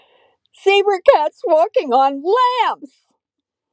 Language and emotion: English, sad